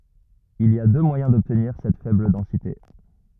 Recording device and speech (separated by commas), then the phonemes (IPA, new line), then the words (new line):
rigid in-ear microphone, read sentence
il i a dø mwajɛ̃ dɔbtniʁ sɛt fɛbl dɑ̃site
Il y a deux moyens d'obtenir cette faible densité.